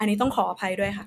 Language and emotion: Thai, frustrated